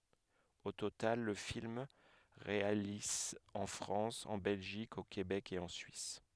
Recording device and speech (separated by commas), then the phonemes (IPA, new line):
headset microphone, read sentence
o total lə film ʁealiz ɑ̃ fʁɑ̃s ɑ̃ bɛlʒik o kebɛk e ɑ̃ syis